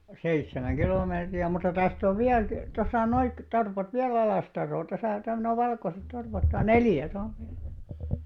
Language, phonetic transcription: Finnish, seit̳s̳§emäŋ 'ɢilòmeetri₍ä mutta 'täst ‿ov 'viäl kⁱ- , 'tosa noik- , 'torpat viä'l ‿Alàstar̆roo , 'tosà täm- 'noⁱ 'valkoset 'torpat (noi) "neljä (tual ov viälä) .
- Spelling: seitsemän kilometriä mutta tästä on vielä - tuossa - torpat vielä Alastaroa tuossa - nuo valkoiset torpat nuo neljä tuolla on vielä

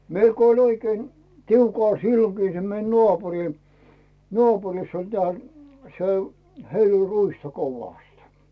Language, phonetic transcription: Finnish, 'meil ko oĺ oikein , 'tiukàl sillokii se mei 'nᵒàpuri , 'nᵒàpuriss ‿oĺ teä̀ , se , 'heil ‿oĺ "ruista 'kovàst .
- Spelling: meillä kun oli oikein tiukalla silloinkin se meidän naapuri naapurissa oli tämä se heillä oli ruista kovasti

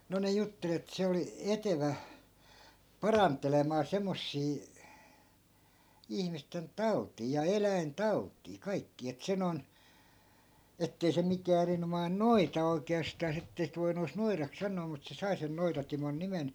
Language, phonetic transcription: Finnish, no ne 'juttel ‿et 'se oli , "etevä , 'parant̆telemaa 'semmossii , 'ihmisten "tau̬t̆tii ja 'eläin"tau̬t̆tii 'kaikkii et 'se non , 'ettei se 'mikää erinomain "noita 'oi̮ke₍astàs ‿ettei sit voinu (ees) 'noirak 'sannoo mut se 'sai sen 'noitatimon 'nimen .
- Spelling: no ne jutteli että se oli etevä parantelemaan semmoisia ihmisten tauteja ja eläintauteja kaikkia että se noin että ei se mikään erinomainen noita oikeastaan että ei sitten voinut edes noidaksi sanoa mutta se sai sen Noita-Timon nimen

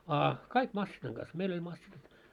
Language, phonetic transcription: Finnish, a "kaik 'massinaŋ ɢas , 'meil ‿oĺ massinat .
- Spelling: a kaikki masiinan kanssa meillä oli masiinat

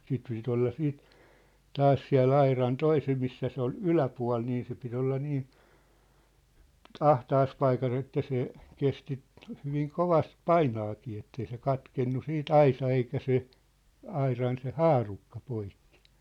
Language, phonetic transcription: Finnish, siit ('piti) olla siit , 'taas siä̭l'l ‿airan 'toisem missä se ‿ol "yläpua̭l nii se pit ‿olla 'nii , "ahtaas 'paikas ‿että se , 'kesti , hyviŋ "kovast "painaakii ettei se "katkennu 'siit "aisa eikä 'se , 'airan se "haarukka 'poikkɪ .
- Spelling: siitä piti olla siitä taas siellä auran toisen missä se oli yläpuoli niin se piti olla niin ahtaassa paikassa että se kesti hyvin kovasti painaakin että ei se katkennut sitten aisa eikä se auran se haarukka poikki

